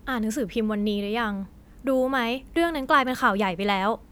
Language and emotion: Thai, frustrated